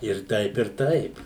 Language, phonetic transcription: Lithuanian, ir ˈtaip ir ˈtaip

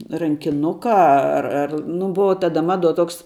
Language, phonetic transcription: Lithuanian, rankiˈnuka ˈa ar ar ˈnu ˈbuva ˈtada ˈmaˌduo ˈtoks

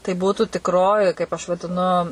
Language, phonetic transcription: Lithuanian, tai ˈbūtų tikˈroji kaip aš vadiˈnu

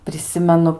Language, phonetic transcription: Lithuanian, priˈsimenu

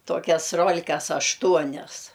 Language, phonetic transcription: Lithuanian, ˈtokias ˈrol'kas ašˈtuonias

